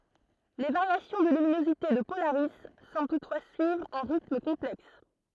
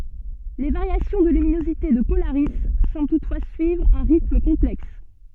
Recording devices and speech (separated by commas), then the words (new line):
throat microphone, soft in-ear microphone, read sentence
Les variations de luminosité de Polaris semblent toutefois suivre un rythme complexe.